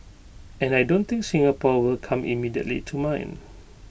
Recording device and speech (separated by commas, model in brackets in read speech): boundary microphone (BM630), read sentence